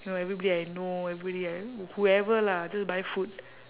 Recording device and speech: telephone, conversation in separate rooms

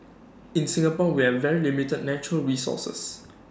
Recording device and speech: standing microphone (AKG C214), read sentence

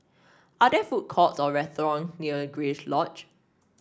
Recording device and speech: standing microphone (AKG C214), read sentence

